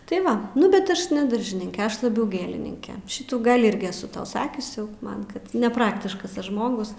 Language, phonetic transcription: Lithuanian, tai ˈva nu bet ˈaš ne ˈdaržininke ˈaš laˈbiau ˈgėlininke ˈšitų ˈgal' ˈirgi eˈsu ˈtau ˈsakius jau ˈman ˈkad neˈpraktiškas ˈaš ˈžmogus

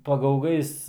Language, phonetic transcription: Lithuanian, pagauˈgais

